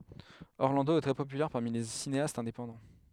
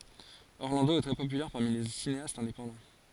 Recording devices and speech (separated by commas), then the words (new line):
headset microphone, forehead accelerometer, read sentence
Orlando est très populaire parmi les cinéastes indépendants.